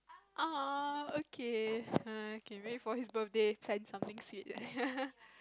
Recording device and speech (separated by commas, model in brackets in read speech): close-talking microphone, conversation in the same room